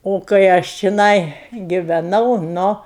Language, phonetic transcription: Lithuanian, o kai ˈaš čiˈnai giveˈnau ˈnu

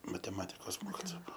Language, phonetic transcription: Lithuanian, mateˈmatikos ˈmokitoa ˈbuo

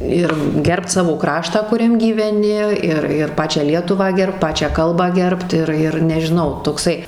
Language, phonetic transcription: Lithuanian, ˈir ˈgerbt ˈsavo ˈkraštą kuˈriam gyveˈni ˈir ir ˈpačią ˈlietuvą ˈgerbt ˈpačią ˈkalbą ˈgerbt ˈir ir nežiˈnau tokˈsai

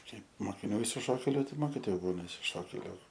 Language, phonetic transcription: Lithuanian, ˈkaip mokiˈnių išsiˈšokėliu taip ˈmokitoju ˈbūna išsiˈšokėliu

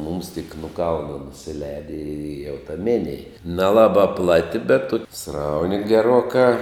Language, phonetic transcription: Lithuanian, mums tik nu ˈkalna nusiˈleidi i jau ta ˈminėj neˈlaba ˈplati bet ˈtuki ˈsrauni geˈruokā

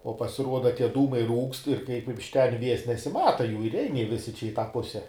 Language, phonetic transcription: Lithuanian, o pasiˈruoda ˈtie ˈdūmai ˈrūkst ir kaip iš ˈten ˈvies nesiˈmata ˈjų ir ˈein ˈjie ˈvisi čia i ˈtą ˈpuse

